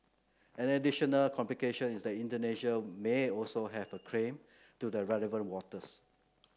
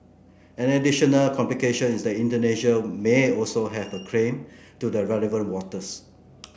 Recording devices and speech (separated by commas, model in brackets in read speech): close-talking microphone (WH30), boundary microphone (BM630), read sentence